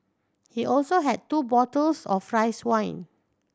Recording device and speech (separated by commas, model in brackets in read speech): standing microphone (AKG C214), read sentence